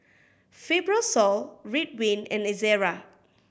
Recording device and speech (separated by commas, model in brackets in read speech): boundary microphone (BM630), read sentence